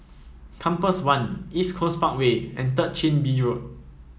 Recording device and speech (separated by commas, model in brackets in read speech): mobile phone (iPhone 7), read sentence